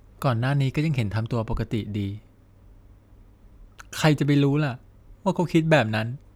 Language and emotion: Thai, sad